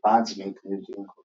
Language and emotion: English, neutral